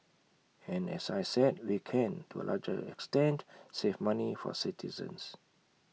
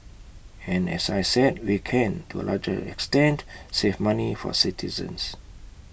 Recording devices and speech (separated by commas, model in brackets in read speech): mobile phone (iPhone 6), boundary microphone (BM630), read sentence